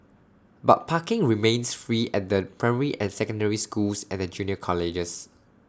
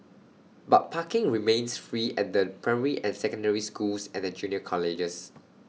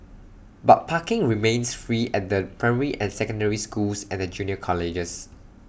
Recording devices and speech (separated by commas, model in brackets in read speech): standing microphone (AKG C214), mobile phone (iPhone 6), boundary microphone (BM630), read sentence